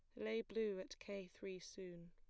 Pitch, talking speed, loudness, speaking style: 195 Hz, 190 wpm, -48 LUFS, plain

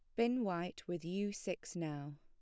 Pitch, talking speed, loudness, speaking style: 175 Hz, 180 wpm, -40 LUFS, plain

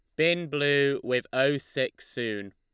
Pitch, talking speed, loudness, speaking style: 135 Hz, 155 wpm, -27 LUFS, Lombard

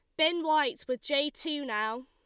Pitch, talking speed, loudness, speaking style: 290 Hz, 195 wpm, -30 LUFS, Lombard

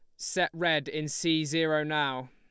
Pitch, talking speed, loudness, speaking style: 155 Hz, 170 wpm, -29 LUFS, Lombard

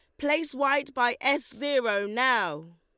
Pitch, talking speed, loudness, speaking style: 260 Hz, 140 wpm, -26 LUFS, Lombard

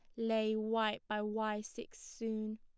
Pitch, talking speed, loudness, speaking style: 220 Hz, 150 wpm, -37 LUFS, plain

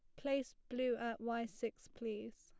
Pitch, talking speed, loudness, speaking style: 235 Hz, 165 wpm, -42 LUFS, plain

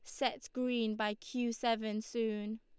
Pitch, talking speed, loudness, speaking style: 225 Hz, 150 wpm, -36 LUFS, Lombard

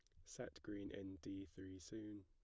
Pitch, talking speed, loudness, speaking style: 95 Hz, 180 wpm, -53 LUFS, plain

